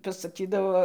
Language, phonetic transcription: Lithuanian, pasaˈkydavo

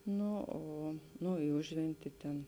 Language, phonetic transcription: Lithuanian, ˈnu ˈo ˈnu i ˈužventi ˈten

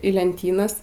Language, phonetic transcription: Lithuanian, į lenˈtynas

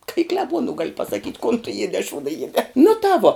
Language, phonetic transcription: Lithuanian, ka i kleˈbuonu gal' pasaˈkyt' kon tu ˈjiedē a ˈšūda ˈjiedē nu tā ˈvo

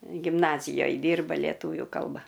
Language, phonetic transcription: Lithuanian, gimˈnazijoj ˈdyrba ˈlietuvių ˈkalba

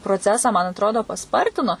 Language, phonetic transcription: Lithuanian, proˈcesą man atˈrodo paˈspartino

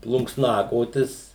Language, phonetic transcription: Lithuanian, plunksˈnakotis

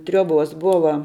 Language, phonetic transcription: Lithuanian, ˈtriuoˌbos ˈbuva

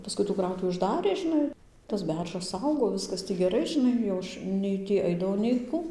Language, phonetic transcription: Lithuanian, paˈskui tų ˈkrautuvi užˈdarė žiˈnai tas ˈberžas ˈaugo ˈviskas tį geˈrai žiˈnai jau ˈaš ˈnei tį ˈaidavau nei ˈku

